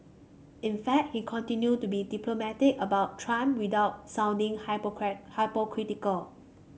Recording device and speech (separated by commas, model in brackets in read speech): mobile phone (Samsung C5), read sentence